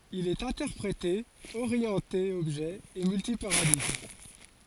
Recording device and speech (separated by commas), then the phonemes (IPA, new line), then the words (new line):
forehead accelerometer, read sentence
il ɛt ɛ̃tɛʁpʁete oʁjɑ̃te ɔbʒɛ e mylti paʁadiɡm
Il est interprété, orienté objet et multi-paradigme.